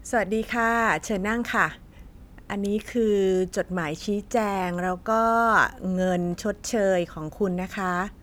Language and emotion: Thai, neutral